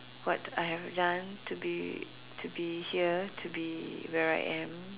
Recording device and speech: telephone, conversation in separate rooms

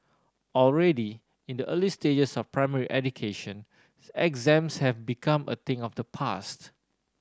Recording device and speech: standing microphone (AKG C214), read sentence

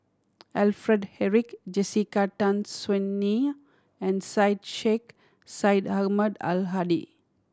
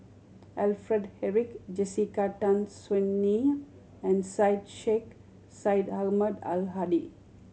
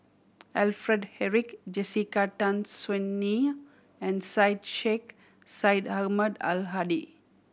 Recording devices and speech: standing microphone (AKG C214), mobile phone (Samsung C7100), boundary microphone (BM630), read sentence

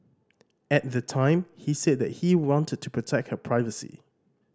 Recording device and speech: standing microphone (AKG C214), read sentence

